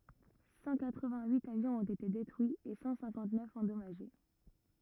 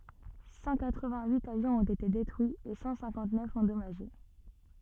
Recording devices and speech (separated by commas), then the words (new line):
rigid in-ear microphone, soft in-ear microphone, read sentence
Cent quatre vingt huit avions ont été détruits et cent cinquante neuf endommagés.